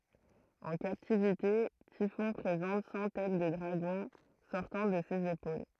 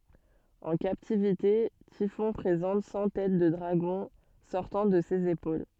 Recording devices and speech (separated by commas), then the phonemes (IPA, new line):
throat microphone, soft in-ear microphone, read sentence
ɑ̃ kaptivite tifɔ̃ pʁezɑ̃t sɑ̃ tɛt də dʁaɡɔ̃ sɔʁtɑ̃ də sez epol